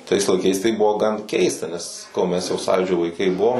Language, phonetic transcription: Lithuanian, tais laiˈkais tai ˈbuvo gan ˈkeista nes saˈkau mes jau ˈsąjūdžio vaiˈkai ˈbuvom

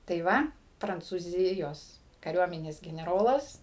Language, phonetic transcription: Lithuanian, tai ˈva prancūˈzijos kaˈriuominės geneˈrolas

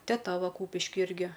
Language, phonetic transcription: Lithuanian, teˈta ˈva ˈkūpiški ˈirgi

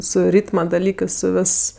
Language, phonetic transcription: Lithuanian, su ˈrytma daˈlykɜs su ˈvis

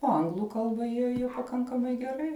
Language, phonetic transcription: Lithuanian, o ˈanglu ˈkalba jie jau paˈkankamai geˈrai

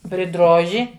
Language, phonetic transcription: Lithuanian, priˈdroži

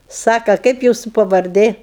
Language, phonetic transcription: Lithuanian, ˈsaka ˈkaip ˈjūsu pavarˈdė

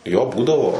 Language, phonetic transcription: Lithuanian, ˈjo ˈbūdavo

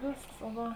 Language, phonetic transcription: Lithuanian, ˈvėsks ˈva

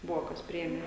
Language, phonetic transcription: Lithuanian, ˈbuvo ˈkas ˈpriėmė

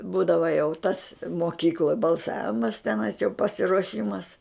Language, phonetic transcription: Lithuanian, ˈbūdavo jau tas moˈkykloj balˈsavimas teˈnais jau pasiruoˈšimas

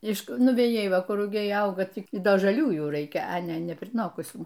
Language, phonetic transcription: Lithuanian, iš nuveˈjai ˈva ˈkur ruˈgiai ˈauga ˈtį i ˈda žaˈlių jų ˈraikia a ˈne nepriˈnokusių

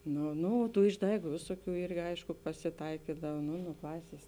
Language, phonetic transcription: Lithuanian, ˈno ˈno ˈtų išˈdaigu ˈvisoˌkių ˈirgi ˈaišku pasiˈtaikydav ˈnu nu ˈklasės

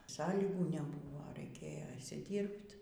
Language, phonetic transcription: Lithuanian, ˈsąlygų neˈbuvo raiˈkėjo išsiˈdyrbt

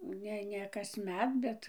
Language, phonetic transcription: Lithuanian, ˈne ˈne kasˈmet ˈbet

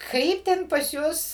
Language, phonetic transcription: Lithuanian, ˈkaip ten pas ˈjus

